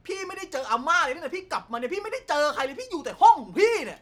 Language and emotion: Thai, angry